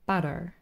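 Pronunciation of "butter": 'Butter' is said the American way: the t is a little flap t, a tap, not a full t sound.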